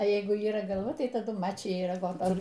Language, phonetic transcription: Lithuanian, a ˈjeigu yˈra galˈva ˈtai taˈdu ˈmačija ir agoˈto

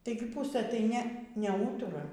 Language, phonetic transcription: Lithuanian, ˈtaigi ˈpusɘ tai ˈne neˈūtura

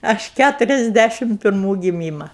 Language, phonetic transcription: Lithuanian, ˈaš ˈkæturiasˌdæšim pirˈmų giˈmyma

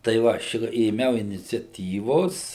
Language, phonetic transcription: Lithuanian, tai ˈva aš ėˈmiau iniciaˈtyvos

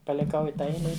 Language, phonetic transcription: Lithuanian, paliˈkau i ˈtą ˈeile ˈi

